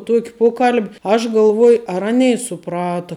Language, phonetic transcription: Lithuanian, ˈtuok' ˈpokal'b' aš galˈvuoj ar ˈanei suˈprata

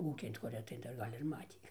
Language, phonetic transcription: Lithuanian, ˈūkin ta kuˈrie tai ˈdar ˈgal' ir ˈmatį

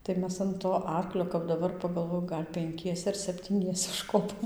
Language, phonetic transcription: Lithuanian, tai ˈmes an to ˈarklio kap daˈbar pagalˈvoju ˈgal' penˈkiese ar septyˈniese užˈkopom

